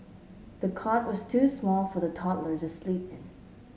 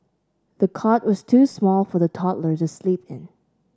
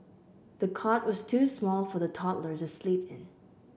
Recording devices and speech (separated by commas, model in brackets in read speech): mobile phone (Samsung S8), standing microphone (AKG C214), boundary microphone (BM630), read sentence